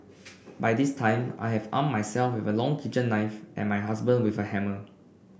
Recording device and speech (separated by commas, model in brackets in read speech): boundary microphone (BM630), read sentence